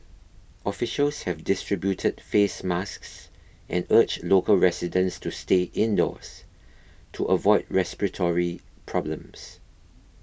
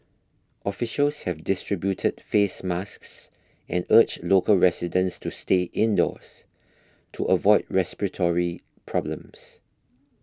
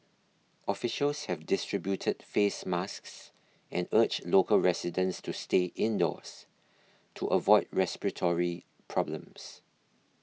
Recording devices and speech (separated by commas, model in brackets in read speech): boundary microphone (BM630), close-talking microphone (WH20), mobile phone (iPhone 6), read sentence